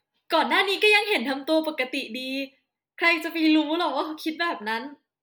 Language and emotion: Thai, happy